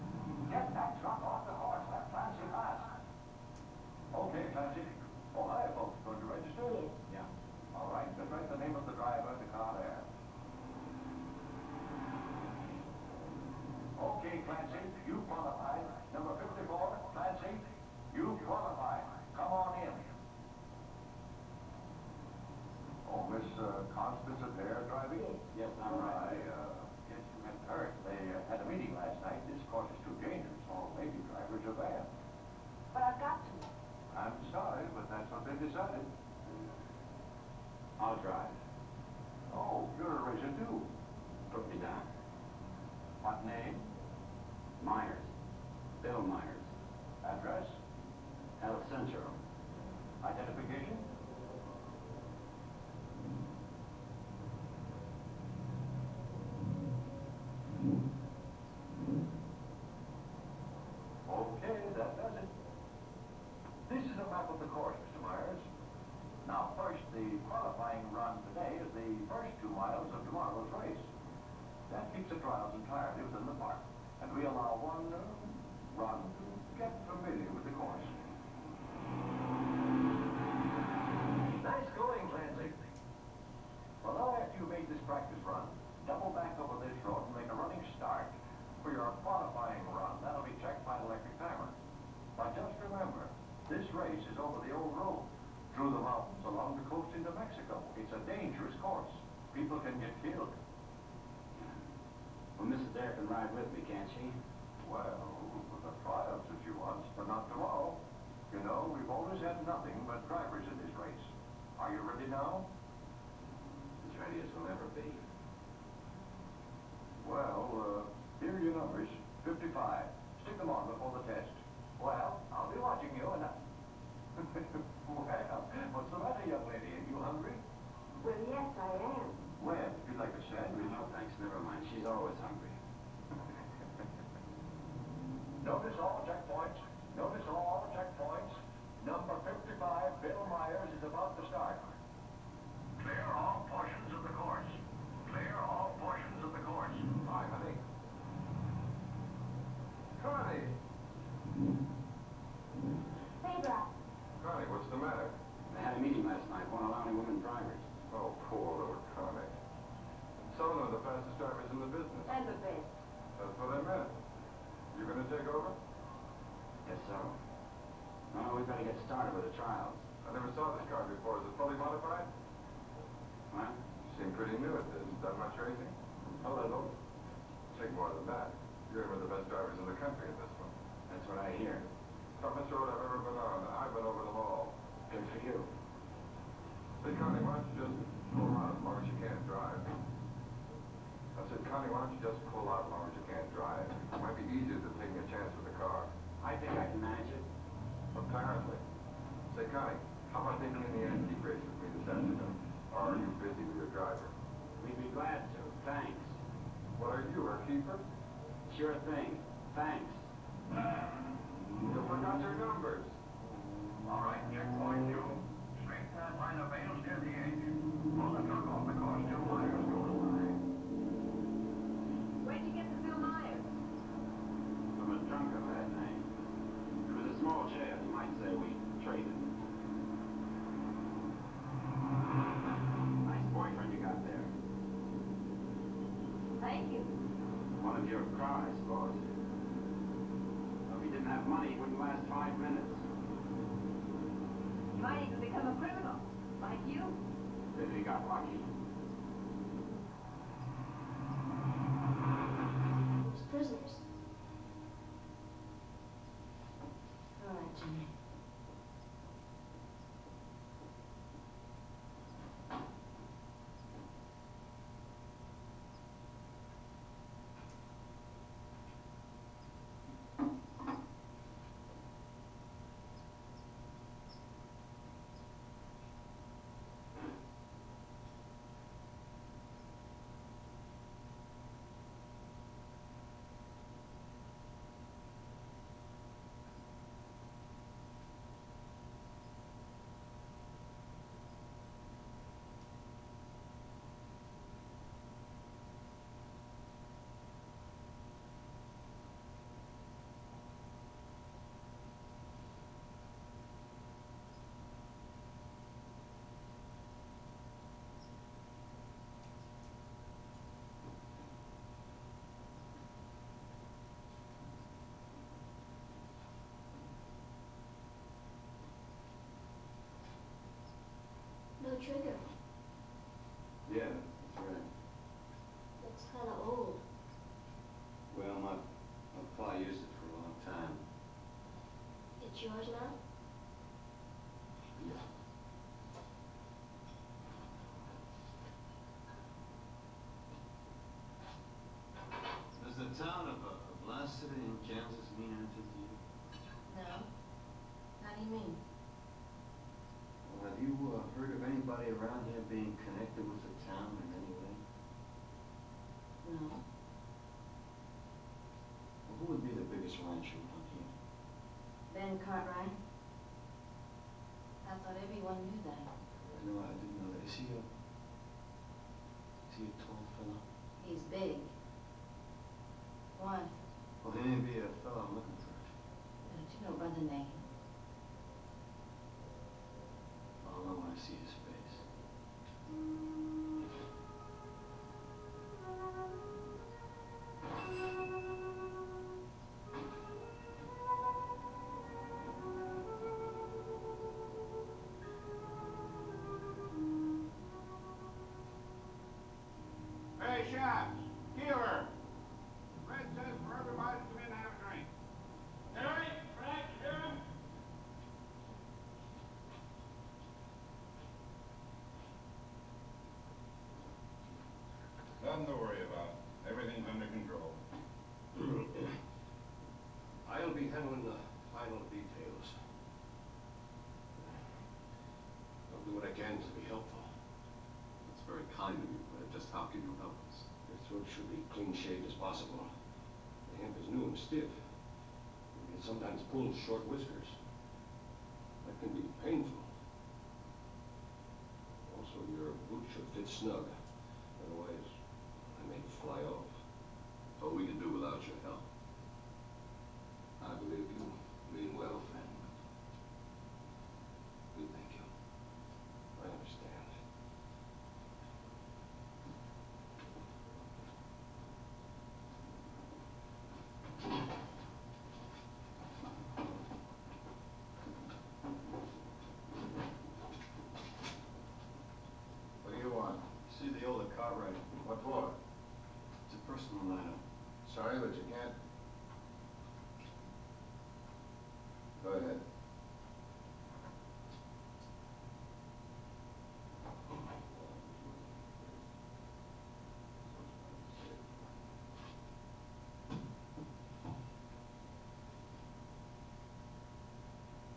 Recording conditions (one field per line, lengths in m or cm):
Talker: no one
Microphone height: 2.7 m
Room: medium-sized (5.7 m by 4.0 m)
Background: television